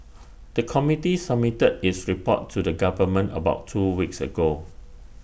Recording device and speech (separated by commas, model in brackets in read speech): boundary microphone (BM630), read sentence